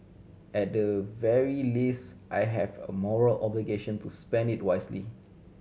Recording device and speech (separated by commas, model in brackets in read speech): mobile phone (Samsung C7100), read sentence